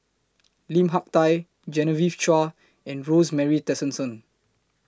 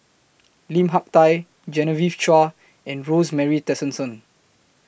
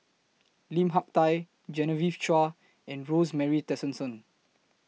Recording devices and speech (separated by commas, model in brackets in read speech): close-talking microphone (WH20), boundary microphone (BM630), mobile phone (iPhone 6), read sentence